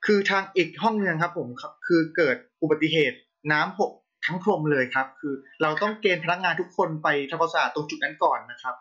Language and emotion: Thai, frustrated